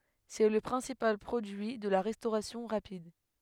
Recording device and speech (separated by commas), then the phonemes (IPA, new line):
headset microphone, read sentence
sɛ lə pʁɛ̃sipal pʁodyi də la ʁɛstoʁasjɔ̃ ʁapid